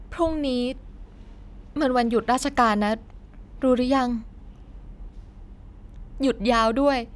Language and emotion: Thai, sad